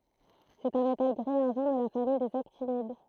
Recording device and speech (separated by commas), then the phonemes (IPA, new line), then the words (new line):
throat microphone, read sentence
sɛt œ̃ metal ɡʁi aʁʒɑ̃ də la famij dez aktinid
C'est un métal gris-argent de la famille des actinides.